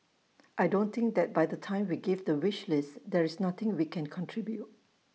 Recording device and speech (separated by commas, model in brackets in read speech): mobile phone (iPhone 6), read sentence